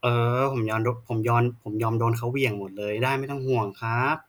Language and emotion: Thai, frustrated